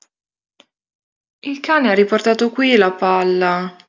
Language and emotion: Italian, sad